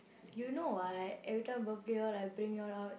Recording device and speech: boundary microphone, conversation in the same room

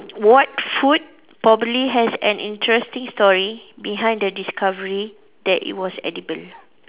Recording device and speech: telephone, conversation in separate rooms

